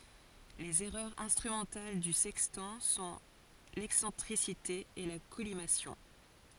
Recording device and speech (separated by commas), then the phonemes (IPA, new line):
forehead accelerometer, read sentence
lez ɛʁœʁz ɛ̃stʁymɑ̃tal dy sɛkstɑ̃ sɔ̃ lɛksɑ̃tʁisite e la kɔlimasjɔ̃